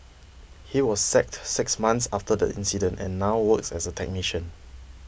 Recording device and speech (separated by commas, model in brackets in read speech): boundary microphone (BM630), read sentence